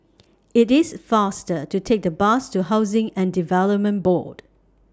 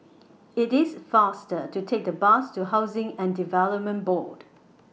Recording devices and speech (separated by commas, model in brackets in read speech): standing microphone (AKG C214), mobile phone (iPhone 6), read sentence